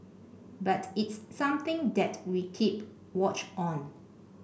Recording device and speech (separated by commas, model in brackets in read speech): boundary microphone (BM630), read sentence